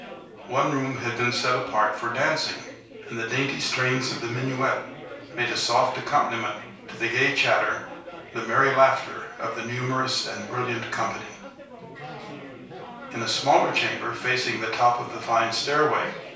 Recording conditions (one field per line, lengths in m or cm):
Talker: one person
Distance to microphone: 3.0 m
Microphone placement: far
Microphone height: 1.8 m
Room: small (3.7 m by 2.7 m)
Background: babble